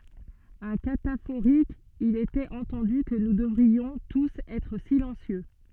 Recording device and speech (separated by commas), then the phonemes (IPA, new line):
soft in-ear microphone, read sentence
œ̃ katafoʁik il etɛt ɑ̃tɑ̃dy kə nu dəvʁiɔ̃ tus ɛtʁ silɑ̃sjø